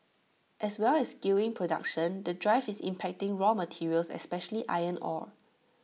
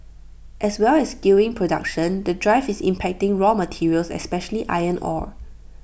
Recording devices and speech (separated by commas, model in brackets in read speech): mobile phone (iPhone 6), boundary microphone (BM630), read sentence